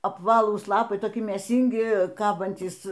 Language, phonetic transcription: Lithuanian, apˈvalūs ˈlapai toˈki mėˈsyngi ˈkabantys

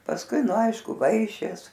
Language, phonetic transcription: Lithuanian, pasˈkui ˈnu ˈaišku ˈvaišės

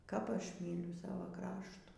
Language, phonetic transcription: Lithuanian, kap ˈaš ˈmyliu ˈsava ˈkraštų

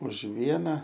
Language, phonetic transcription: Lithuanian, už ˈviena

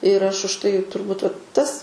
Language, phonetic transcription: Lithuanian, ir ˈaš už tai turˈbūt va ˈtas

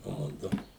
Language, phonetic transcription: Lithuanian, ˈmudu

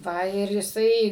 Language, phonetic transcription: Lithuanian, ˈva ir jiˈsai

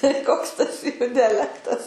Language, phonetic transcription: Lithuanian, tai ˈkoks tas ˈjų diaˈlektas

